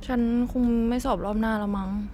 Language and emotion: Thai, sad